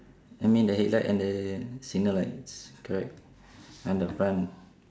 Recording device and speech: standing microphone, conversation in separate rooms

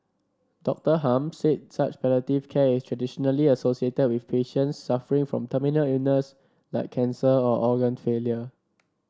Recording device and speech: standing microphone (AKG C214), read sentence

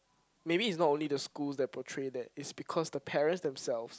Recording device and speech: close-talking microphone, conversation in the same room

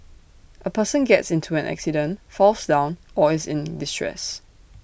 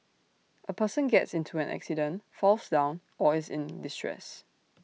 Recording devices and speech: boundary microphone (BM630), mobile phone (iPhone 6), read sentence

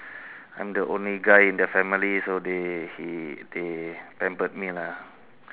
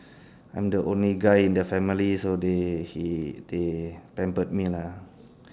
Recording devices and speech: telephone, standing microphone, conversation in separate rooms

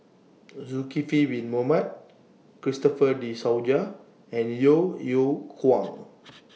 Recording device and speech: mobile phone (iPhone 6), read sentence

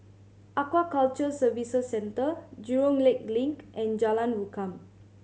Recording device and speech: mobile phone (Samsung C7100), read sentence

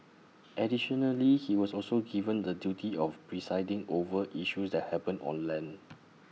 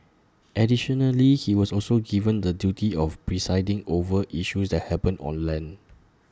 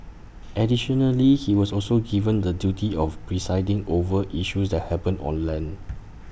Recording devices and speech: mobile phone (iPhone 6), standing microphone (AKG C214), boundary microphone (BM630), read sentence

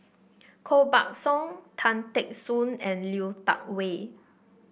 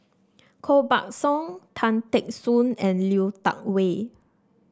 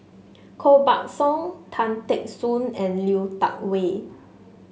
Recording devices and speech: boundary microphone (BM630), standing microphone (AKG C214), mobile phone (Samsung S8), read sentence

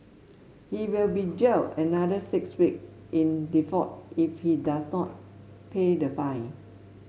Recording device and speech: mobile phone (Samsung S8), read sentence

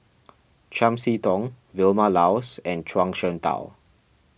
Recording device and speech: boundary microphone (BM630), read sentence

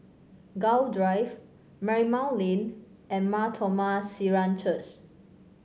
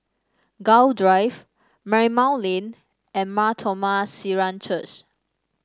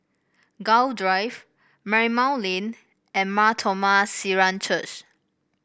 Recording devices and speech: mobile phone (Samsung C5), standing microphone (AKG C214), boundary microphone (BM630), read sentence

